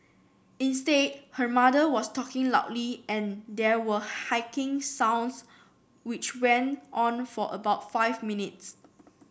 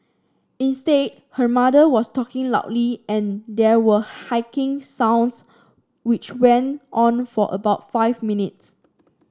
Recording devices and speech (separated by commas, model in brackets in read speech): boundary microphone (BM630), standing microphone (AKG C214), read sentence